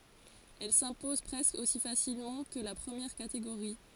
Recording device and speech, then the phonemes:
forehead accelerometer, read sentence
ɛl sɛ̃pɔz pʁɛskə osi fasilmɑ̃ kə la pʁəmjɛʁ kateɡoʁi

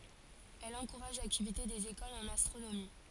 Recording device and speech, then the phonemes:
forehead accelerometer, read sentence
ɛl ɑ̃kuʁaʒ laktivite dez ekolz ɑ̃n astʁonomi

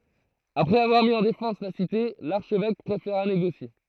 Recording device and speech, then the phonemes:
throat microphone, read sentence
apʁɛz avwaʁ mi ɑ̃ defɑ̃s la site laʁʃvɛk pʁefeʁa neɡosje

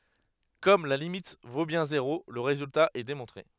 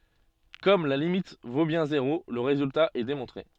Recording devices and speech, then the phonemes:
headset microphone, soft in-ear microphone, read sentence
kɔm la limit vo bjɛ̃ zeʁo lə ʁezylta ɛ demɔ̃tʁe

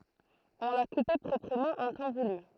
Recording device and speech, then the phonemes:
throat microphone, read sentence
ɔ̃ la kupe pʁɔpʁəmɑ̃ ɑ̃ tɑ̃ vuly

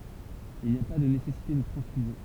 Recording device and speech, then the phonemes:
temple vibration pickup, read sentence
il ni a pa də nesɛsite də tʁɑ̃sfyzjɔ̃

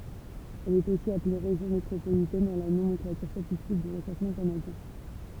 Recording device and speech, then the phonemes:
temple vibration pickup, read sentence
ɛl ɛt osi aple ʁeʒjɔ̃ metʁopolitɛn dɑ̃ la nomɑ̃klatyʁ statistik dy ʁəsɑ̃smɑ̃ kanadjɛ̃

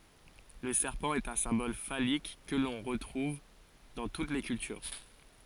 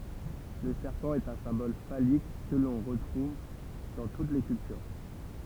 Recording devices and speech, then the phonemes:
forehead accelerometer, temple vibration pickup, read sentence
lə sɛʁpɑ̃ ɛt œ̃ sɛ̃bɔl falik kə lɔ̃ ʁətʁuv dɑ̃ tut le kyltyʁ

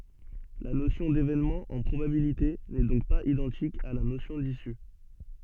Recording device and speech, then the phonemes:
soft in-ear microphone, read sentence
la nosjɔ̃ devenmɑ̃ ɑ̃ pʁobabilite nɛ dɔ̃k paz idɑ̃tik a la nosjɔ̃ disy

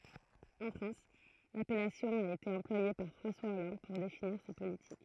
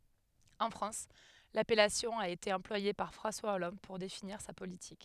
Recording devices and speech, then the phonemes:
throat microphone, headset microphone, read sentence
ɑ̃ fʁɑ̃s lapɛlasjɔ̃ a ete ɑ̃plwaje paʁ fʁɑ̃swa ɔlɑ̃d puʁ definiʁ sa politik

